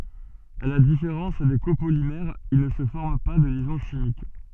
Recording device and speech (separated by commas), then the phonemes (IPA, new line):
soft in-ear microphone, read sentence
a la difeʁɑ̃s de kopolimɛʁz il nə sə fɔʁm pa də ljɛzɔ̃ ʃimik